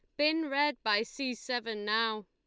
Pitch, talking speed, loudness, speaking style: 235 Hz, 175 wpm, -31 LUFS, Lombard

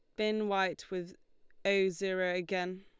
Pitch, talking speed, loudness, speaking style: 190 Hz, 140 wpm, -33 LUFS, Lombard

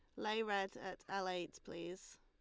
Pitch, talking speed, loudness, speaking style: 185 Hz, 180 wpm, -43 LUFS, Lombard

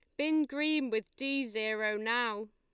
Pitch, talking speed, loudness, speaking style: 240 Hz, 155 wpm, -32 LUFS, Lombard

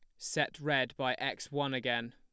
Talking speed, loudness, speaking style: 185 wpm, -34 LUFS, plain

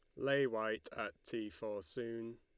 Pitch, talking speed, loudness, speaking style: 115 Hz, 165 wpm, -40 LUFS, Lombard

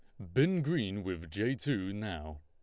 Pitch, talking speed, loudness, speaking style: 100 Hz, 175 wpm, -34 LUFS, Lombard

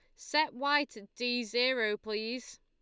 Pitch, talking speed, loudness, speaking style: 245 Hz, 150 wpm, -32 LUFS, Lombard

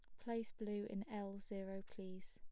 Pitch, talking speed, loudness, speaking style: 200 Hz, 170 wpm, -48 LUFS, plain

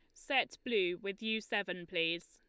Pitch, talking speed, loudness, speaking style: 200 Hz, 170 wpm, -36 LUFS, Lombard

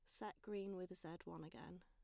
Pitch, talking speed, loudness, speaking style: 185 Hz, 220 wpm, -52 LUFS, plain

